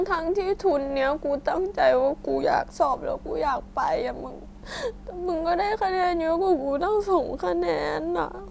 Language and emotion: Thai, sad